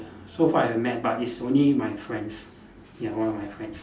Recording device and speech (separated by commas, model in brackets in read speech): standing microphone, conversation in separate rooms